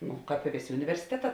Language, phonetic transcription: Lithuanian, ˈnu ˈkāp i ˈvėˌsė universiˈteˌtā

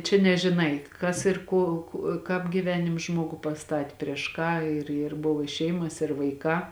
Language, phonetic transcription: Lithuanian, čia nežiˈnai ˈkas ir ˈko ku ˈkāp gyˈvenims ˈžmogų paˈstati prieš ˈką ir ir ˈbuvo i ˈšeimas ir vaiˈkā

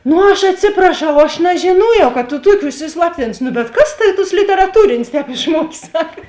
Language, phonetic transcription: Lithuanian, nu ˈaš atˈsipraˌšau ˈaš nežiˈnojau ka tu ˈtuokė užsisˈlaptinus ˈnu bet ˈkas ˈtavi tos literaˈtūrinės ˈtēp išˈmuokė ˈsaka

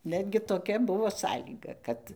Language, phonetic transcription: Lithuanian, ˈnetgi toˈkia ˈbuvo ˈsąlyga ˈkad

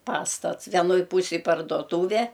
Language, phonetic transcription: Lithuanian, ˈpastats venˈoj ˈpūsėj pardoˈtūve

